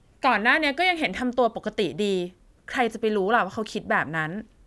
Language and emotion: Thai, frustrated